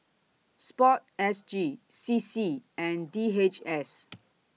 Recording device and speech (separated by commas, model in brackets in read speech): mobile phone (iPhone 6), read sentence